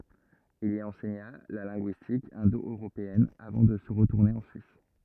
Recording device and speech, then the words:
rigid in-ear microphone, read sentence
Il y enseigna la linguistique indo-européenne, avant de retourner en Suisse.

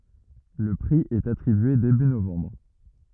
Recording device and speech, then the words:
rigid in-ear microphone, read sentence
Le prix est attribué début novembre.

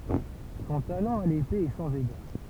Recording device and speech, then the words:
temple vibration pickup, read sentence
Son talent à l'épée est sans égal.

